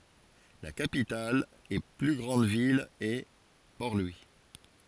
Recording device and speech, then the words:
forehead accelerometer, read sentence
La capitale et plus grande ville est Port-Louis.

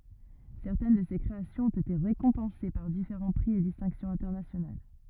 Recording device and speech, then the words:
rigid in-ear microphone, read sentence
Certaines de ces créations ont été récompensées par différents prix et distinctions internationales.

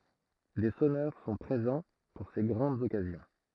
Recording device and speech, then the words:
throat microphone, read sentence
Des sonneurs sont présents pour ces grandes occasions.

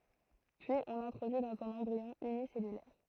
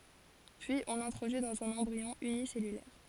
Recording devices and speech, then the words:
throat microphone, forehead accelerometer, read sentence
Puis on l'introduit dans un embryon unicellulaire.

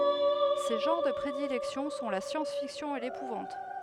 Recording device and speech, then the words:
headset microphone, read sentence
Ses genres de prédilection sont la science-fiction et l’épouvante.

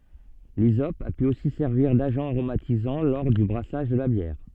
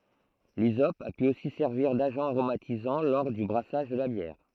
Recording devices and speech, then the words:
soft in-ear microphone, throat microphone, read sentence
L'hysope a pu aussi servir d'agent aromatisant lors du brassage de la bière.

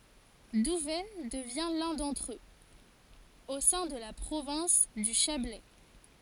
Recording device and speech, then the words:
forehead accelerometer, read sentence
Douvaine devient l'un d'entre eux, au sein de la province du Chablais.

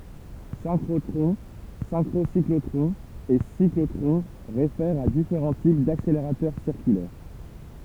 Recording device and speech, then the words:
temple vibration pickup, read sentence
Synchrotrons, synchrocyclotrons et cyclotrons réfèrent à différents types d'accélérateurs circulaires.

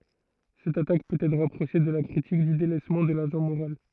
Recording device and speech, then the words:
throat microphone, read sentence
Cette attaque peut être rapprochée de la critique du délaissement de l'agent moral.

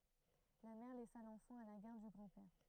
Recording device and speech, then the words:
throat microphone, read sentence
La mère laissa l'enfant à la garde du grand-père.

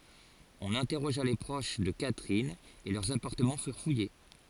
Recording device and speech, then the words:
forehead accelerometer, read sentence
On interrogea les proches de Catherine, et leurs appartements furent fouillés.

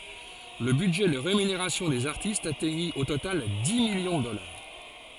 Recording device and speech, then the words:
forehead accelerometer, read sentence
Le budget de rémunération des artistes atteignit au total dix millions de dollars.

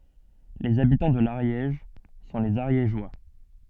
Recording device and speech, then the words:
soft in-ear microphone, read sentence
Les habitants de l'Ariège sont les Ariégeois.

